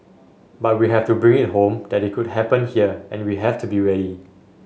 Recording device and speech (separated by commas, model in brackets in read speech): mobile phone (Samsung S8), read sentence